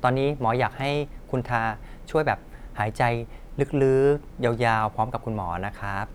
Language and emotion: Thai, neutral